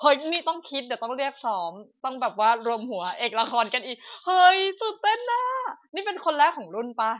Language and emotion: Thai, happy